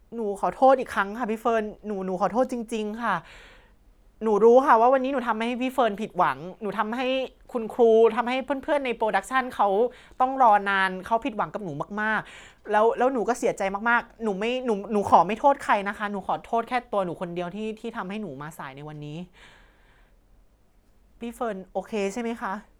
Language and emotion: Thai, sad